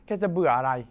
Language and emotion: Thai, frustrated